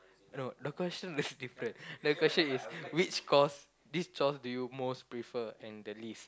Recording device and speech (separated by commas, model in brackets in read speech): close-talking microphone, conversation in the same room